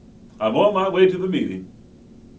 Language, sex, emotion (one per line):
English
male
happy